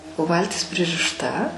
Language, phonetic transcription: Lithuanian, o ˈvaltis pririšˈta

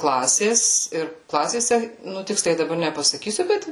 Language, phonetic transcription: Lithuanian, ˈklasės ir ˈklasėse nu ˈtiksliai daˈbar nepasaˈkysiu ˈbet

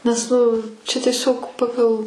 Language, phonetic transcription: Lithuanian, nes ˈnu čia tieˈsiog ˈpagal

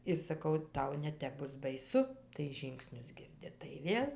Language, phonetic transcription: Lithuanian, ir saˈkau ˈtau neˈtep ˈbus baiˈsu tai ˈžyngsnius ˈgirdi tai ˈvėl

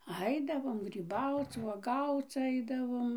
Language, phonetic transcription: Lithuanian, ˈaidavom gryˈbauc vuoˈgauc ˈaidavom

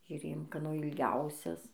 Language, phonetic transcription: Lithuanian, žiuˈrėjom kaˈno ilˈgiausias

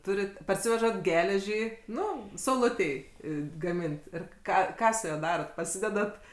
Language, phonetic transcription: Lithuanian, ˈturit parˈsivežat ˈgeležį ˈnu sauˈlutei gaˈmint ˈir ˈką ˈką su ˈjuo ˈdarot paˈsidedat

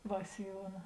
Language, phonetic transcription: Lithuanian, ˈva siˈjuona

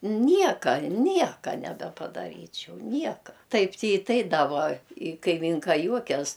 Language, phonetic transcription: Lithuanian, ˈnieka ˈnieka nebepadaˈryčiau ˈnieka ˈtaip ti i ˈtai da ˈvuo i kaiˈmynka ˈjuokias

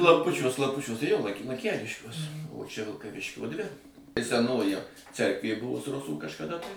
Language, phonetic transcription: Lithuanian, klamˈpučiuos klamˈpučiuos tai ˈjo lan lanˈkeliškiuos o ˈčia vilkaˈviškio ˈdvi i seˈnoji ˈcerkvė ˈbuvus ˈrusų kažkaˈda tai

